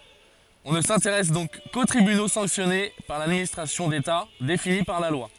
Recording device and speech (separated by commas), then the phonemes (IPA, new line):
forehead accelerometer, read sentence
ɔ̃ nə sɛ̃teʁɛs dɔ̃k ko tʁibyno sɑ̃ksjɔne paʁ ladministʁasjɔ̃ deta defini paʁ la lwa